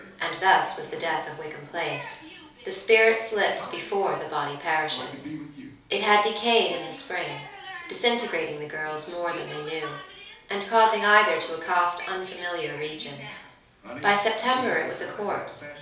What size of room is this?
A small space.